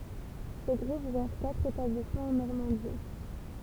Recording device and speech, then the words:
temple vibration pickup, read sentence
Ce groupe gère quatre établissements en Normandie.

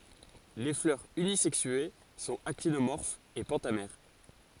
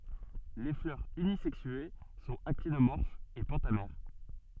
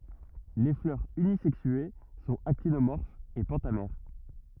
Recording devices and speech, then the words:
forehead accelerometer, soft in-ear microphone, rigid in-ear microphone, read sentence
Les fleurs unisexuées sont actinomorphes et pentamères.

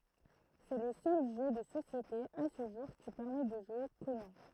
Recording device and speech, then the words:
throat microphone, read sentence
C'est le seul jeu de société, à ce jour, qui permet de jouer Conan.

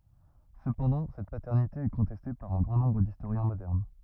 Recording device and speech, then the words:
rigid in-ear microphone, read sentence
Cependant, cette paternité est contestée par un grand nombre d'historiens modernes.

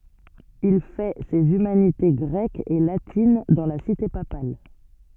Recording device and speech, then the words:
soft in-ear microphone, read sentence
Il fait ses humanités grecques et latines dans la cité papale.

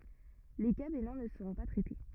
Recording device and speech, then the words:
rigid in-ear microphone, read sentence
Les cas bénins ne seront pas traités.

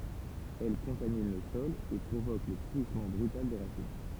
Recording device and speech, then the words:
temple vibration pickup, read sentence
Elle contamine le sol et provoque le pourrissement brutal des racines.

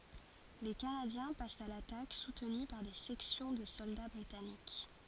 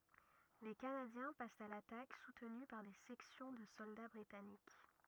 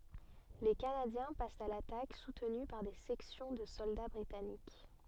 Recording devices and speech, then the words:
forehead accelerometer, rigid in-ear microphone, soft in-ear microphone, read sentence
Les Canadiens passent à l'attaque, soutenus par des sections de soldats britanniques.

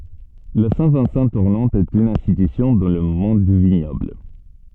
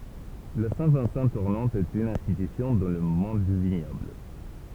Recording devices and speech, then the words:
soft in-ear microphone, temple vibration pickup, read sentence
La Saint-Vincent tournante est une institution dans le monde du vignoble.

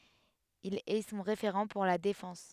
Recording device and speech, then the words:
headset microphone, read sentence
Il est son référent pour la défense.

